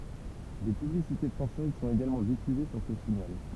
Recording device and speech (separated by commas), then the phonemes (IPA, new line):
temple vibration pickup, read sentence
de pyblisite fʁɑ̃sɛz sɔ̃t eɡalmɑ̃ difyze syʁ sə siɲal